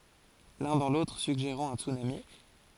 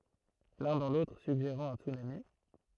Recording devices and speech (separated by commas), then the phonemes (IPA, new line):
forehead accelerometer, throat microphone, read sentence
lœ̃ dɑ̃ lotʁ syɡʒeʁɑ̃ œ̃ tsynami